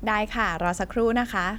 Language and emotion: Thai, happy